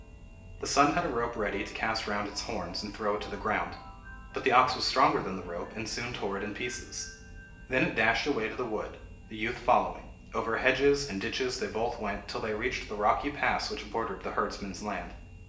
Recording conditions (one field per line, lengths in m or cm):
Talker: one person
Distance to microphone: 1.8 m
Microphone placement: close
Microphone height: 1.0 m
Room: large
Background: music